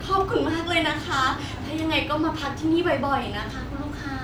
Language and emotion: Thai, happy